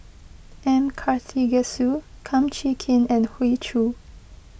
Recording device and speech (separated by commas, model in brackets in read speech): boundary microphone (BM630), read sentence